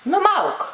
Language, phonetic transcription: Lithuanian, nuˈmauk

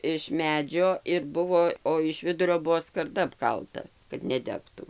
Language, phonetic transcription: Lithuanian, iš ˈmedžio ir ˈbuvo o iš ˈvidurio ˈbuvo skarˈda apˈkalta kad neˈdegtu

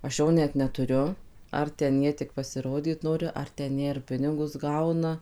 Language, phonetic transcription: Lithuanian, aš ˈjo net neˈturiu ˌar ten ˈjie tik pasiˈrodyt ˈnori ar ten ˈjie ir ˈpinigus ˈgauna

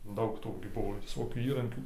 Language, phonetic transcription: Lithuanian, ˈdaug ˈtų gi ˈbuvo viˈsokių ˈįrankių

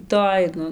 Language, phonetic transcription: Lithuanian, ˈtoj ˈnu

